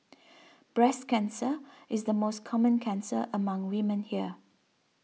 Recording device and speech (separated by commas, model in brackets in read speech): mobile phone (iPhone 6), read sentence